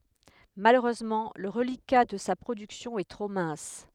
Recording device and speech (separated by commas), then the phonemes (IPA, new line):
headset microphone, read sentence
maløʁøzmɑ̃ lə ʁəlika də sa pʁodyksjɔ̃ ɛ tʁo mɛ̃s